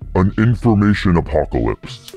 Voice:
deep voice